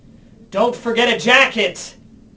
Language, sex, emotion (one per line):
English
male
angry